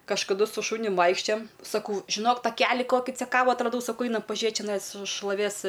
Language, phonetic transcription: Lithuanian, kažkaˈdu su ˈšunium ˈvaikščiojam saˈkau žiˈnok taˈkeli ˈkoki ceˈkavu atraˈdau saˈkau ˈainam paˈžiet čeˈnais šloˈvės

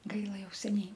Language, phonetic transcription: Lithuanian, ˈgaila ˈjau seˈniai

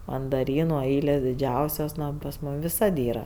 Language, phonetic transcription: Lithuanian, mandaˈrynu ˈailės diˈdžiausios ˈno o pas ˈmūm viˈsad ˈyra

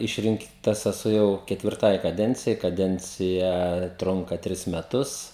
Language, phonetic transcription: Lithuanian, ˈišrinktas eˈsu jau ketvirˈtai kaˈdencijai kaˈdencija ˈtrunka ˈtris meˈtus

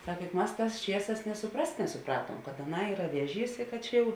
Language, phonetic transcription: Lithuanian, ˈsak juk ˈmas ˈtās ˈčieˌsās nė suˈprast nesuˈpratuom kad aˈnai ˈyra ˈvieˌžys i kad ˈčia jau

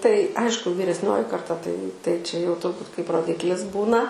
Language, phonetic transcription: Lithuanian, tai ˈaišku vyresˈnioji karˈta tai tai čia jau turˈbūt kaip roˈdiklis ˈbūna

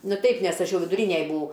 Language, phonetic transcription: Lithuanian, ˈnu ˈteip nes ˈaš ˈjau viduˈrynej buˈau

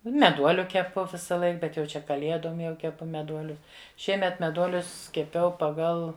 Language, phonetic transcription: Lithuanian, meˈduoliu keˈpu visaˈlaik ˈbet jau ˈčia kaˈliedom jau keˈpu meˈduoliu ˈšiemet meˈduolius keˈpiau paˈgal

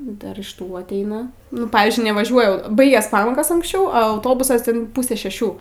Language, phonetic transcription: Lithuanian, ˈdar iš ˈtų atˈeina nu ˈpavizdžiui nevaˈžiuoja ˈbaigias ˈpamokos anksˈčiau a auˈtobusas yin ˈpūse šeˈšių

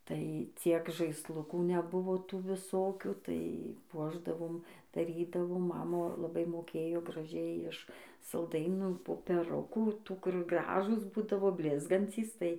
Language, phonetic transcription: Lithuanian, tai ˈciek žaisˈlukų neˈbuvo ˈtų viˈsokių tai ˈpuošdavom daˈrydavo ˈmama laˈbai moˈkėjo graˈžiai iš salˈdainų popeˈrukų ˈtų kur ˈgražūs ˈbūdavo ˈblizgancys tai

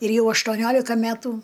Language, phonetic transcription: Lithuanian, ir ˈjau aštuoˈniolika ˈmætu

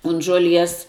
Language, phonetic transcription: Lithuanian, un žuoˈlies

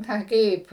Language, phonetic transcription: Lithuanian, ˈna ˈkaip

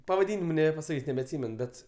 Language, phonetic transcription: Lithuanian, pavaˈdynimu nebepasaˈkys' nebeatˈsymen ˈbet

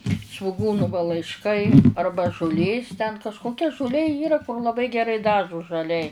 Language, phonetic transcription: Lithuanian, svuˈgūnu va laišˈkai ˈarba žuˈlės ten kažkoˈkia žuˈlė ˈyra laˈbai geˈrai ˈdažu žaˈliai

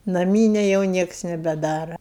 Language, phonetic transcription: Lithuanian, naˈmynia jau ˈnieks nebeˈdara

